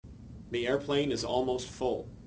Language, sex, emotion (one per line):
English
male
neutral